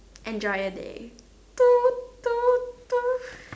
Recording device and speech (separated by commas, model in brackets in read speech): standing microphone, conversation in separate rooms